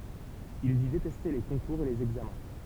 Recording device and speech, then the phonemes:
temple vibration pickup, read sentence
il di detɛste le kɔ̃kuʁz e lez ɛɡzamɛ̃

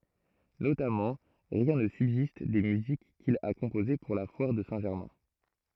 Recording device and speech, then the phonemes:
throat microphone, read sentence
notamɑ̃ ʁjɛ̃ nə sybzist de myzik kil a kɔ̃poze puʁ la fwaʁ də sɛ̃ ʒɛʁmɛ̃

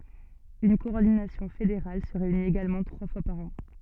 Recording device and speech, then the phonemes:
soft in-ear microphone, read sentence
yn kɔɔʁdinasjɔ̃ fedeʁal sə ʁeynit eɡalmɑ̃ tʁwa fwa paʁ ɑ̃

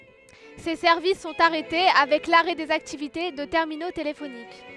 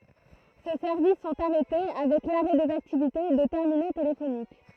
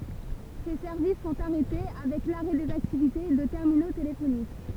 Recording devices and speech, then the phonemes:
headset microphone, throat microphone, temple vibration pickup, read sentence
se sɛʁvis sɔ̃t aʁɛte avɛk laʁɛ dez aktivite də tɛʁmino telefonik

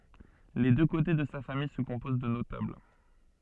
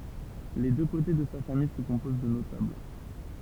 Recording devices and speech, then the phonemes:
soft in-ear microphone, temple vibration pickup, read sentence
le dø kote də sa famij sə kɔ̃poz də notabl

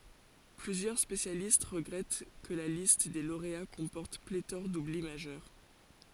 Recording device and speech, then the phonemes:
forehead accelerometer, read sentence
plyzjœʁ spesjalist ʁəɡʁɛt kə la list de loʁea kɔ̃pɔʁt pletɔʁ dubli maʒœʁ

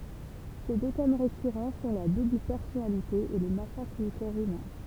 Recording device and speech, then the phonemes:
temple vibration pickup, read sentence
se dø tɛm ʁekyʁɑ̃ sɔ̃ la dubl pɛʁsɔnalite e lə masakʁ dy kɔʁ ymɛ̃

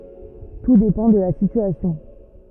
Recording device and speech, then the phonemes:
rigid in-ear microphone, read sentence
tu depɑ̃ də la sityasjɔ̃

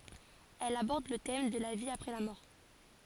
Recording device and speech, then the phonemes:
forehead accelerometer, read sentence
ɛl abɔʁd lə tɛm də la vi apʁɛ la mɔʁ

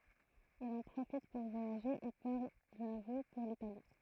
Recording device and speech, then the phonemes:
throat microphone, read sentence
il ɑ̃ pʁofit puʁ vwajaʒe e paʁ də nuvo puʁ litali

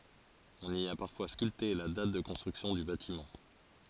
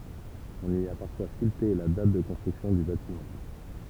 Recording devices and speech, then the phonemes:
forehead accelerometer, temple vibration pickup, read sentence
ɔ̃n i a paʁfwa skylte la dat də kɔ̃stʁyksjɔ̃ dy batimɑ̃

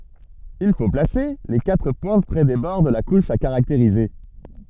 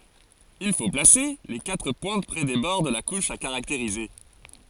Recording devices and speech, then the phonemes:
soft in-ear microphone, forehead accelerometer, read sentence
il fo plase le katʁ pwɛ̃t pʁɛ de bɔʁ də la kuʃ a kaʁakteʁize

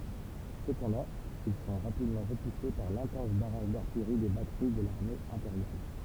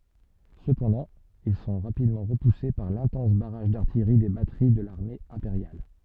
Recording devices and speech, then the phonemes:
temple vibration pickup, soft in-ear microphone, read sentence
səpɑ̃dɑ̃ il sɔ̃ ʁapidmɑ̃ ʁəpuse paʁ lɛ̃tɑ̃s baʁaʒ daʁtijʁi de batəʁi də laʁme ɛ̃peʁjal

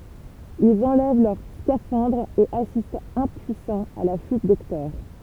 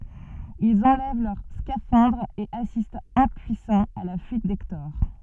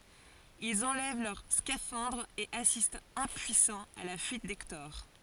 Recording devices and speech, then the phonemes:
temple vibration pickup, soft in-ear microphone, forehead accelerometer, read sentence
ilz ɑ̃lɛv lœʁ skafɑ̃dʁz e asistt ɛ̃pyisɑ̃z a la fyit dɛktɔʁ

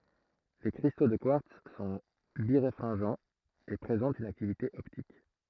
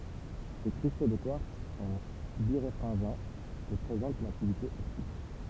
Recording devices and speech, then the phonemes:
throat microphone, temple vibration pickup, read sentence
le kʁisto də kwaʁts sɔ̃ biʁefʁɛ̃ʒɑ̃z e pʁezɑ̃tt yn aktivite ɔptik

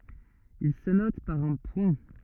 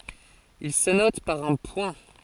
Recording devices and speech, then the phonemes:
rigid in-ear microphone, forehead accelerometer, read sentence
il sə nɔt paʁ œ̃ pwɛ̃

